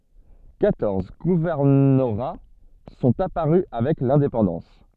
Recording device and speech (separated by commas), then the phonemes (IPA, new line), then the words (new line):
soft in-ear microphone, read sentence
kwatɔʁz ɡuvɛʁnoʁa sɔ̃t apaʁy avɛk lɛ̃depɑ̃dɑ̃s
Quatorze gouvernorats sont apparus avec l'indépendance.